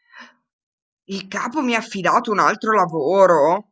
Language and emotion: Italian, surprised